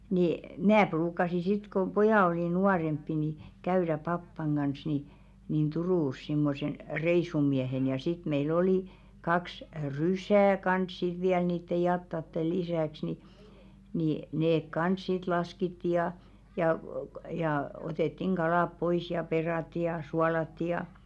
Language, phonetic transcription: Finnish, nii , "mnää 'pruuk̆kasi sit ko "pojà olì 'nuaremppi ni , 'käyðä 'pappaŋ ɢans ni , nin "Turùs simmosen , "reisumiehen ja 'sit mei"l ‿oli , 'kaks "rysää kans siᵗ viäl niitte 'jattatte "lisä̀ks ni , nì 'neek "kans sit 'laskitti ja , jà , jà 'otèttiŋ "ɢalàp 'pois ja 'peràtti ja , 'sualatti ja .
- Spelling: niin minä ruukasin sitten kun pojat oli nuorempia niin käydä papan kanssa niin niin Turussa semmoisena reissumiehenä ja sitten meillä oli kaksi rysää kanssa sitten vielä niiden jatojen lisäksi niin niin ne kanssa sitten laskettiin ja ja ja otettiin kalat pois ja perattiin ja suolattiin ja

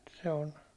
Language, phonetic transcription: Finnish, se on ,.
- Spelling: se on

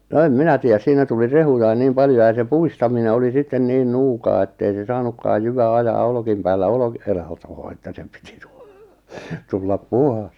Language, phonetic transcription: Finnish, no 'em "minä tì₍äs 'siinä tuli 'rehujain 'niim 'paljo ja se 'puistamine oli "sitten 'niin "nuukaa ettei se "saanukkaaj 'jyvä "ajaa 'olkìm päällä 'olkɪ- , e- latoo että 'se pɪtɪ 'tᴜ- , 'tullap "puhas .
- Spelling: no en minä tiedä siinä tuli rehujakin niin paljon ja se pudistaminen oli sitten niin nuukaa että ei se saanutkaan jyvä ajaa olkien päällä - - olkilatoon että se piti - tulla puhdas

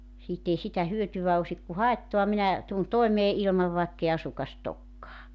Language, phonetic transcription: Finnish, 'siit ‿ei 'sitä 'hyötyvä osik ku "haettoa 'minä , tun 'toemee ilmav vaekkei 'asukas't ‿okkaa .
- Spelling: siitä ei sitä hyötyä olisi kun haittaa minä tulen toimeen ilman vaikka ei asukasta olekaan

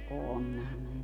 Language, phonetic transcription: Finnish, 'onhan ne .
- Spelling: onhan ne

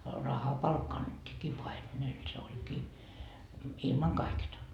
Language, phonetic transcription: Finnish, "rahapalkka annettiikkii "paimenel se 'oĺkii , 'ilmaŋ kaiketa .
- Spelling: rahapalkka annettiinkin paimenelle se olikin ilman kaiketta

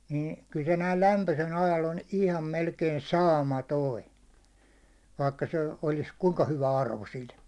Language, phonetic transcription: Finnish, niin , kyl se näil 'lämpösel ajal on ihlam melkei "saama"toi , vaikka se olis 'kuŋka 'hyva 'arvo sil .
- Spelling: niin kyllä se näin lämpöisellä ajalla on ihan melkein saamaton vaikka se olisi kuinka hyvä arvo sillä

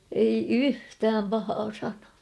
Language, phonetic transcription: Finnish, ei "yhtääm 'pahaa 'sanaa .
- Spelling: ei yhtään pahaa sanaa

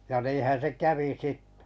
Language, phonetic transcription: Finnish, ja 'niihän̬ se "kävi "sittᴇ .
- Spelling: ja niinhän se kävi sitten

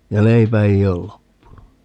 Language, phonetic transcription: Finnish, ja "leipä ei ol 'loppunun (ni) .
- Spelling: ja leipä ei ole loppunut niin

